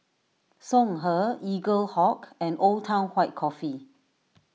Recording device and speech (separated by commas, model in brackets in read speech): mobile phone (iPhone 6), read sentence